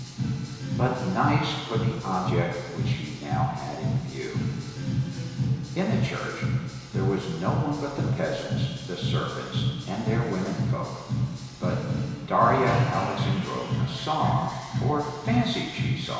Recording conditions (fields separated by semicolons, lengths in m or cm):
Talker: one person; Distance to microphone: 1.7 m; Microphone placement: close; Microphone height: 1.0 m; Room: very reverberant, large; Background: music